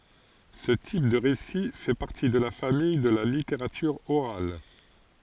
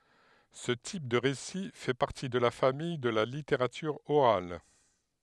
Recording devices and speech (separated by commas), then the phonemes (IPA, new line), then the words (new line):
forehead accelerometer, headset microphone, read sentence
sə tip də ʁesi fɛ paʁti də la famij də la liteʁatyʁ oʁal
Ce type de récit fait partie de la famille de la littérature orale.